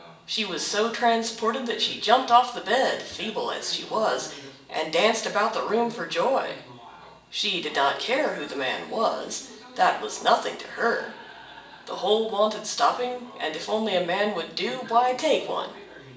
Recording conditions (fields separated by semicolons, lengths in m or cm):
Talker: one person; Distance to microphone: 1.8 m; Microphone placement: close; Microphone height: 1.0 m; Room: large; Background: television